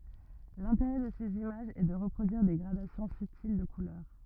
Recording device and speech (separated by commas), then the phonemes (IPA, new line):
rigid in-ear microphone, read sentence
lɛ̃teʁɛ də sez imaʒz ɛ də ʁəpʁodyiʁ de ɡʁadasjɔ̃ sybtil də kulœʁ